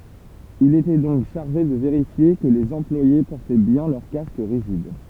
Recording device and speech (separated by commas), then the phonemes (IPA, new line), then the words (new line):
temple vibration pickup, read sentence
il etɛ dɔ̃k ʃaʁʒe də veʁifje kə lez ɑ̃plwaje pɔʁtɛ bjɛ̃ lœʁ kask ʁiʒid
Il était donc chargé de vérifier que les employés portaient bien leur casque rigide.